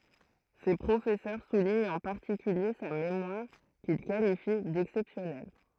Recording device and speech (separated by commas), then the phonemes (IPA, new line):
throat microphone, read sentence
se pʁofɛsœʁ suliɲt ɑ̃ paʁtikylje sa memwaʁ kil kalifi dɛksɛpsjɔnɛl